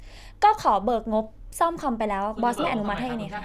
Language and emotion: Thai, frustrated